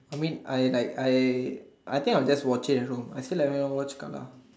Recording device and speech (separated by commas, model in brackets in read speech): standing microphone, conversation in separate rooms